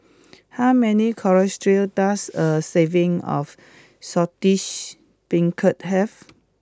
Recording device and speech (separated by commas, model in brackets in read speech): close-talking microphone (WH20), read sentence